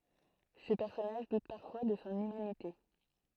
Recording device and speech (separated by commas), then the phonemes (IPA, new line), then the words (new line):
throat microphone, read sentence
sə pɛʁsɔnaʒ dut paʁfwa də sɔ̃ ymanite
Ce personnage doute parfois de son humanité.